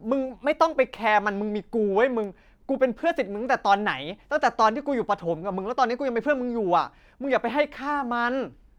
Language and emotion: Thai, angry